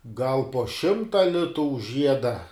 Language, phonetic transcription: Lithuanian, gal po ˈšimta ˈlitu už ˈžieda

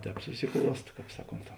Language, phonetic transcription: Lithuanian, ˈtēp susiˈkluost ˈkāp ˈsaˌkont

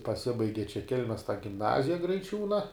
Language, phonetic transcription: Lithuanian, paˈsibaigi čia ˈkelmes gimˈnazija graiˈčiūna

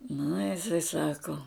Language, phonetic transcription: Lithuanian, nu jiˈsai ˈsako

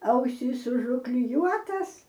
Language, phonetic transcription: Lithuanian, ˈausys užukliˈjuotas

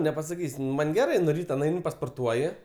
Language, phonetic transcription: Lithuanian, nepasaˈkys' ˈman' geˈrɜ nu ˈryta nˈaini pasporˈtuoji

